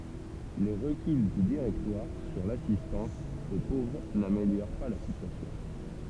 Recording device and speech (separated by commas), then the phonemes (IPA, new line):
temple vibration pickup, read sentence
le ʁəkyl dy diʁɛktwaʁ syʁ lasistɑ̃s o povʁ nameljoʁ pa la sityasjɔ̃